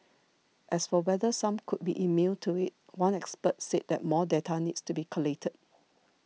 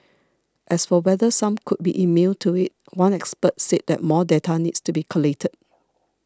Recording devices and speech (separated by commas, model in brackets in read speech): mobile phone (iPhone 6), standing microphone (AKG C214), read sentence